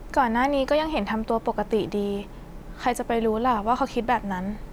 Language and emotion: Thai, neutral